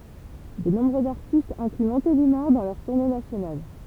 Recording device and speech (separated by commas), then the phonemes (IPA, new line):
temple vibration pickup, read sentence
də nɔ̃bʁøz aʁtistz ɛ̃kly mɔ̃telimaʁ dɑ̃ lœʁ tuʁne nasjonal